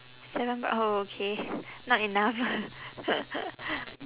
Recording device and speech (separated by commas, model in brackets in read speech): telephone, conversation in separate rooms